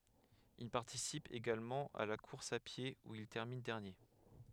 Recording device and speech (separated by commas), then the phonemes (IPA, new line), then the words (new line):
headset microphone, read sentence
il paʁtisip eɡalmɑ̃ a la kuʁs a pje u il tɛʁmin dɛʁnje
Il participe également à la course à pied, où il termine dernier.